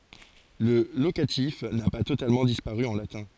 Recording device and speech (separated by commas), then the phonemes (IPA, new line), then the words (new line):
forehead accelerometer, read sentence
lə lokatif na pa totalmɑ̃ dispaʁy ɑ̃ latɛ̃
Le locatif n'a pas totalement disparu en latin.